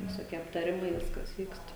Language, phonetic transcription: Lithuanian, visoˈkie aptaˈrimai ˈviskas ˈvykst

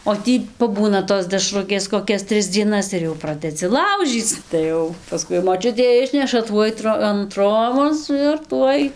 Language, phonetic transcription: Lithuanian, o ˈtį paˈbūna tos deˈšrukės koˈkias ˈtris dzieˈnas ir jau ˈpradedzi ˈlaužyc tai ˈjau paˈskui moˈčiutė ˈišneša ˈtuoj tro an ˈtrobos ir ˈtuoj

